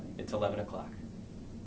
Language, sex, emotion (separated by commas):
English, male, neutral